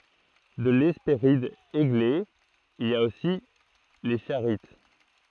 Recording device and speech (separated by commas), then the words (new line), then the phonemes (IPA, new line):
throat microphone, read sentence
De l'Hespéride Églé, il a aussi les Charites.
də lɛspeʁid eɡle il a osi le ʃaʁit